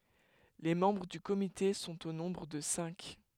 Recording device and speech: headset microphone, read sentence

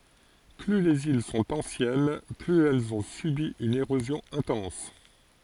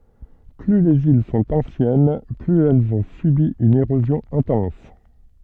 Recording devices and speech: forehead accelerometer, soft in-ear microphone, read sentence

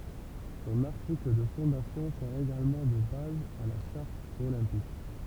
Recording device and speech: temple vibration pickup, read sentence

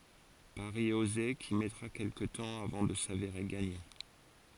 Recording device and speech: forehead accelerometer, read sentence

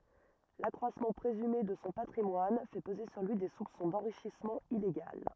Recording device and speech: rigid in-ear microphone, read sentence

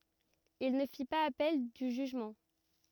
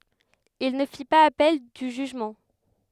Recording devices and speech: rigid in-ear microphone, headset microphone, read sentence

